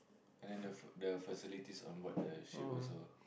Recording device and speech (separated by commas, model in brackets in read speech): boundary microphone, conversation in the same room